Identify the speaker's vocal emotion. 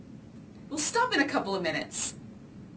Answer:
angry